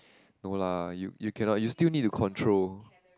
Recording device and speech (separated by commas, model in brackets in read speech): close-talking microphone, conversation in the same room